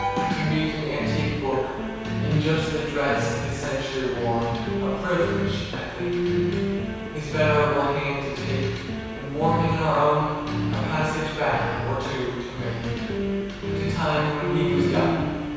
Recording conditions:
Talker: one person; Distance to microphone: 7.1 m; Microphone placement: far; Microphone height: 1.7 m; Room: very reverberant, large; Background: music

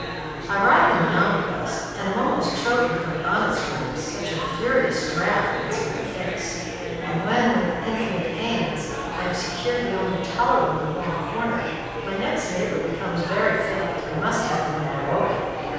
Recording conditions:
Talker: one person; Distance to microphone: 7.1 m; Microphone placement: far; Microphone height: 1.7 m; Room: very reverberant, large; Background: babble

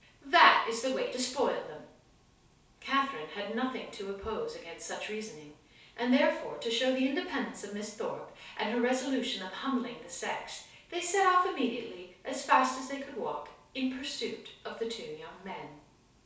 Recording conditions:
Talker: one person; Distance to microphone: 3.0 m; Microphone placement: far; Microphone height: 1.8 m; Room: small (3.7 m by 2.7 m); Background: none

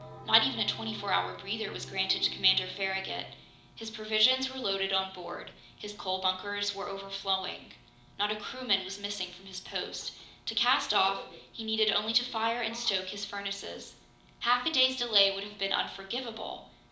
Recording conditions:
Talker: one person; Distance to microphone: 2.0 m; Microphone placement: close; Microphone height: 99 cm; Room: medium-sized (5.7 m by 4.0 m); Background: television

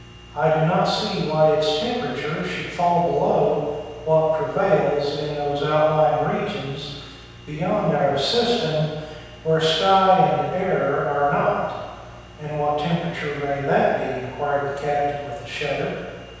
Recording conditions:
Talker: one person; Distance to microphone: 7.1 m; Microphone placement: far; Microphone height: 1.7 m; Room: very reverberant, large; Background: none

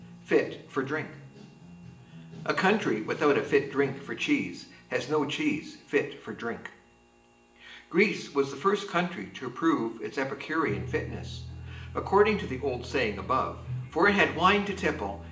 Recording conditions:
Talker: one person; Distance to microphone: 1.8 m; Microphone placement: close; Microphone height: 1.0 m; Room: large; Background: music

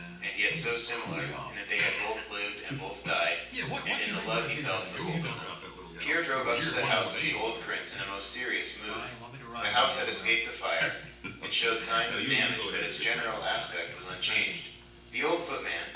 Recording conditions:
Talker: one person; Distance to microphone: 9.8 m; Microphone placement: far; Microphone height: 1.8 m; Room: large; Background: television

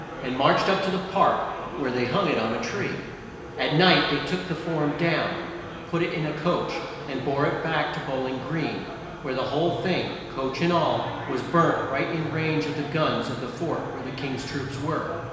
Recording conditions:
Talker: one person; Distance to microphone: 1.7 m; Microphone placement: close; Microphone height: 1.0 m; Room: very reverberant, large; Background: babble

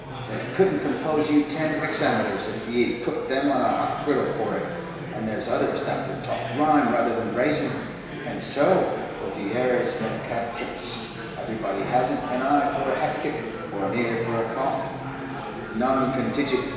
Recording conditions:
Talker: one person; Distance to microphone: 1.7 m; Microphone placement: close; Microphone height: 1.0 m; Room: very reverberant, large; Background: babble

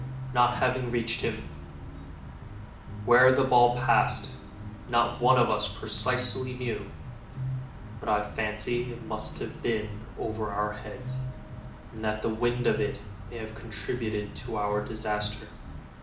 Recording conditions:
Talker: one person; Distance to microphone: 2.0 m; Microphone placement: close; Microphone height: 99 cm; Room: medium-sized (5.7 m by 4.0 m); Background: music

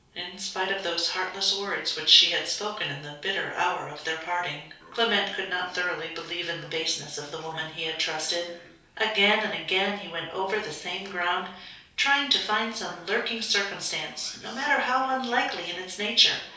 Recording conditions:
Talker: one person; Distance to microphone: 3.0 m; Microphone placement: far; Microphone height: 1.8 m; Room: small (3.7 m by 2.7 m); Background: television

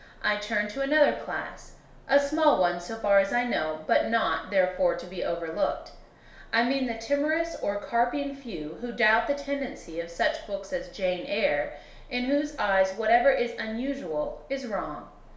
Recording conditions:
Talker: one person; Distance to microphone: 1.0 m; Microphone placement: close; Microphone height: 1.1 m; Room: small (3.7 m by 2.7 m); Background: none

